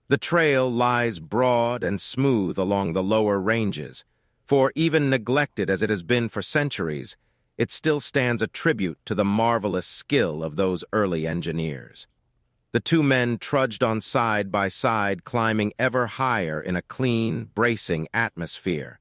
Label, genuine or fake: fake